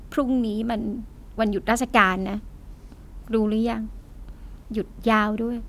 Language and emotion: Thai, sad